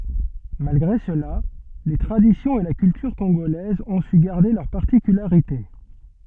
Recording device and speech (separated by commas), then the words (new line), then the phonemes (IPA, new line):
soft in-ear microphone, read sentence
Malgré cela, les traditions et la culture congolaises ont su garder leurs particularités.
malɡʁe səla le tʁaditjɔ̃z e la kyltyʁ kɔ̃ɡolɛzz ɔ̃ sy ɡaʁde lœʁ paʁtikylaʁite